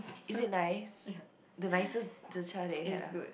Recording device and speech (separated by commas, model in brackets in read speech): boundary microphone, conversation in the same room